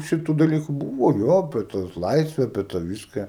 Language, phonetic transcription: Lithuanian, ˈšitu daˈlyku ˈbūvo ˈjo apie ˈtus ˈlaisve apie tą ˈviska

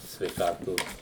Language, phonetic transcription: Lithuanian, sveiˈkatos

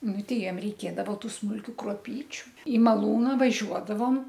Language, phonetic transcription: Lithuanian, ˈnu ˈtei ˈjiem reiˈkėdavo ˈtų smulˈkių kruoˈpyčiu į maˈlūna vaˈžiuodavom

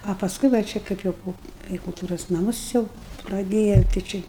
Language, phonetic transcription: Lithuanian, o paˈskui va ˈčia ˈkaip jau ˈpo kai kulˈtūros naˈmus ˈjau praˈdėjau tai ˈči

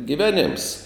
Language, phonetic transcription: Lithuanian, giˈvenėms

